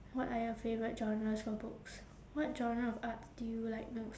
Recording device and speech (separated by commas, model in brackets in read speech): standing microphone, conversation in separate rooms